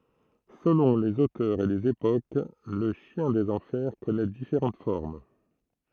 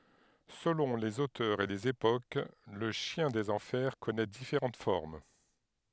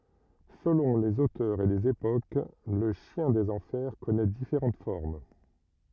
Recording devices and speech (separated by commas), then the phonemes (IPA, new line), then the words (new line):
throat microphone, headset microphone, rigid in-ear microphone, read sentence
səlɔ̃ lez otœʁz e lez epok lə ʃjɛ̃ dez ɑ̃fɛʁ kɔnɛ difeʁɑ̃t fɔʁm
Selon les auteurs et les époques, le chien des enfers connait différentes formes.